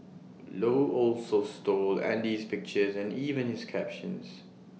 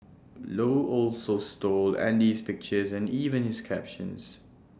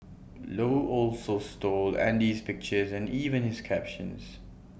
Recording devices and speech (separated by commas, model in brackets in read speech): mobile phone (iPhone 6), standing microphone (AKG C214), boundary microphone (BM630), read sentence